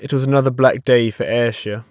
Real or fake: real